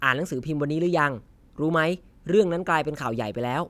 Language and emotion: Thai, neutral